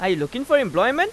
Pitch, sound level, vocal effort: 255 Hz, 97 dB SPL, very loud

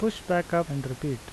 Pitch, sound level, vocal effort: 170 Hz, 81 dB SPL, normal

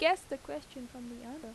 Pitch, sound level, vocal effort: 265 Hz, 87 dB SPL, normal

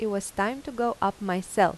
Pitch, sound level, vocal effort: 200 Hz, 87 dB SPL, normal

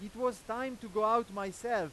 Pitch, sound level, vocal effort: 225 Hz, 102 dB SPL, very loud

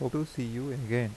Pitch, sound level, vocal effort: 130 Hz, 80 dB SPL, soft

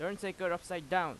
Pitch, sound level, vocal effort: 180 Hz, 94 dB SPL, loud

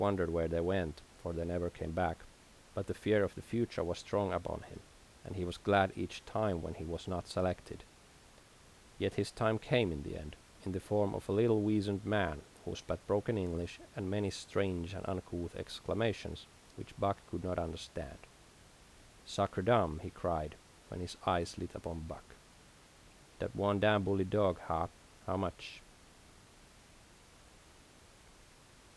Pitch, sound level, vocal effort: 90 Hz, 79 dB SPL, normal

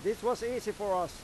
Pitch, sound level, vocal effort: 230 Hz, 98 dB SPL, loud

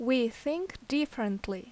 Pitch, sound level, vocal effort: 245 Hz, 82 dB SPL, loud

